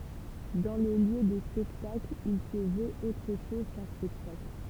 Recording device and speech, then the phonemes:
temple vibration pickup, read sentence
dɑ̃ lə ljø də spɛktakl il sə vøt otʁ ʃɔz kœ̃ spɛktakl

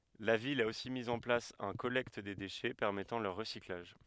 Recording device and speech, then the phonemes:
headset microphone, read sentence
la vil a osi miz ɑ̃ plas œ̃ kɔlɛkt de deʃɛ pɛʁmɛtɑ̃ lœʁ ʁəsiklaʒ

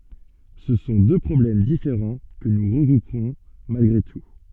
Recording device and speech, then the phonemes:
soft in-ear microphone, read sentence
sə sɔ̃ dø pʁɔblɛm difeʁɑ̃ kə nu ʁəɡʁupʁɔ̃ malɡʁe tu

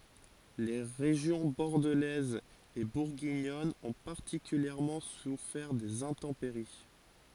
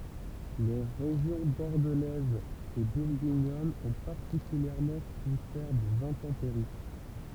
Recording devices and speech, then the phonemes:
forehead accelerometer, temple vibration pickup, read sentence
le ʁeʒjɔ̃ bɔʁdəlɛz e buʁɡiɲɔn ɔ̃ paʁtikyljɛʁmɑ̃ sufɛʁ dez ɛ̃tɑ̃peʁi

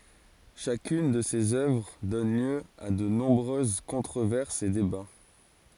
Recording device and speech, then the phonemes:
forehead accelerometer, read sentence
ʃakyn də sez œvʁ dɔn ljø a də nɔ̃bʁøz kɔ̃tʁovɛʁsz e deba

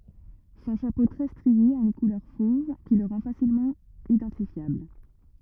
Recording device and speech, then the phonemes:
rigid in-ear microphone, read sentence
sɔ̃ ʃapo tʁɛ stʁie a yn kulœʁ fov ki lə ʁɑ̃ fasilmɑ̃ idɑ̃tifjabl

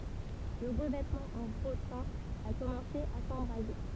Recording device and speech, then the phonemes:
temple vibration pickup, read sentence
lə ʁəvɛtmɑ̃ ɑ̃ ʁotɛ̃ a kɔmɑ̃se a sɑ̃bʁaze

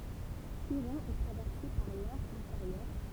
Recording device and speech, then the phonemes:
temple vibration pickup, read sentence
syʁʁɛ̃ ɛ tʁavɛʁse paʁ lɔʁ ɛ̃feʁjœʁ

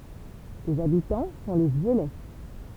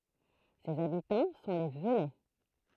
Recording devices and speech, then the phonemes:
temple vibration pickup, throat microphone, read sentence
sez abitɑ̃ sɔ̃ le vølɛ

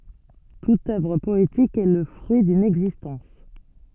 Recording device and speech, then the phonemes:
soft in-ear microphone, read sentence
tut œvʁ pɔetik ɛ lə fʁyi dyn ɛɡzistɑ̃s

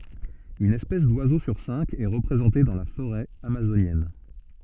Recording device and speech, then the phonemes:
soft in-ear microphone, read sentence
yn ɛspɛs dwazo syʁ sɛ̃k ɛ ʁəpʁezɑ̃te dɑ̃ la foʁɛ amazonjɛn

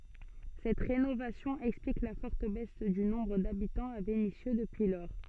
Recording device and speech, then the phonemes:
soft in-ear microphone, read sentence
sɛt ʁenovasjɔ̃ ɛksplik la fɔʁt bɛs dy nɔ̃bʁ dabitɑ̃z a venisjø dəpyi lɔʁ

